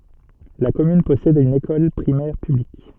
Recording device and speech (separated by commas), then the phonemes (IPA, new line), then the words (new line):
soft in-ear microphone, read sentence
la kɔmyn pɔsɛd yn ekɔl pʁimɛʁ pyblik
La commune possède une école primaire publique.